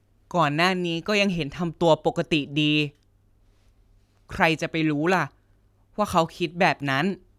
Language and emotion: Thai, frustrated